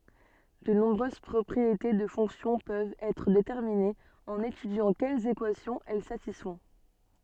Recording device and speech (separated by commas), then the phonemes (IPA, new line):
soft in-ear microphone, read sentence
də nɔ̃bʁøz pʁɔpʁiete də fɔ̃ksjɔ̃ pøvt ɛtʁ detɛʁminez ɑ̃n etydjɑ̃ kɛlz ekwasjɔ̃z ɛl satisfɔ̃